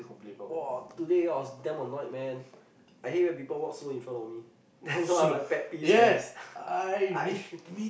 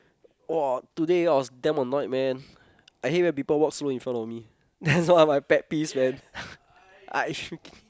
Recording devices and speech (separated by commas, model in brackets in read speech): boundary microphone, close-talking microphone, conversation in the same room